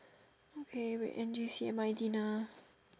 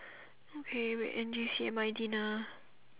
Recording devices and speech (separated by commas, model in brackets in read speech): standing microphone, telephone, conversation in separate rooms